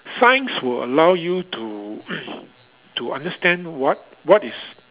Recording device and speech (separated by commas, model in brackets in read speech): telephone, conversation in separate rooms